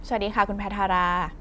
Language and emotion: Thai, neutral